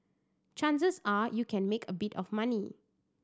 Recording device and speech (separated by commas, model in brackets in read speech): standing microphone (AKG C214), read sentence